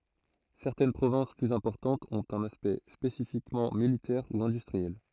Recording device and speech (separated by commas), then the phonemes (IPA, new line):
throat microphone, read sentence
sɛʁtɛn pʁovɛ̃s plyz ɛ̃pɔʁtɑ̃tz ɔ̃t œ̃n aspɛkt spesifikmɑ̃ militɛʁ u ɛ̃dystʁiɛl